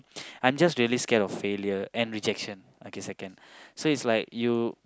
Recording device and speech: close-talking microphone, conversation in the same room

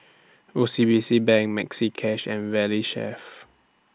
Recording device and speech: standing microphone (AKG C214), read sentence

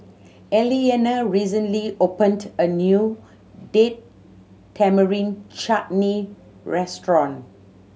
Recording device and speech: mobile phone (Samsung C7100), read sentence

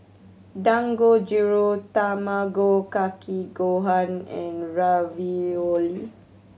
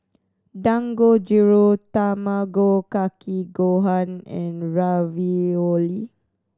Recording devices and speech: mobile phone (Samsung C7100), standing microphone (AKG C214), read sentence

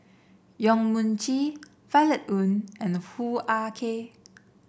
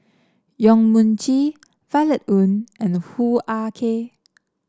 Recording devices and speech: boundary microphone (BM630), standing microphone (AKG C214), read sentence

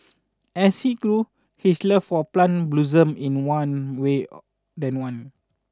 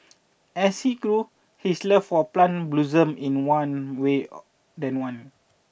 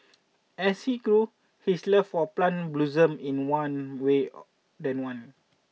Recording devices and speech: standing microphone (AKG C214), boundary microphone (BM630), mobile phone (iPhone 6), read sentence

